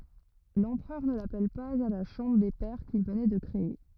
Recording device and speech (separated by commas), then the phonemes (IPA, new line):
rigid in-ear microphone, read sentence
lɑ̃pʁœʁ nə lapɛl paz a la ʃɑ̃bʁ de pɛʁ kil vənɛ də kʁee